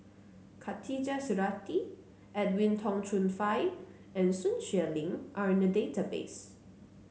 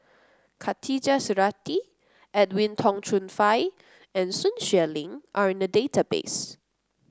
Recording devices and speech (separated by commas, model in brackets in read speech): mobile phone (Samsung C9), close-talking microphone (WH30), read sentence